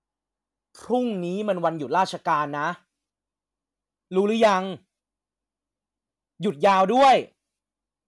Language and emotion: Thai, angry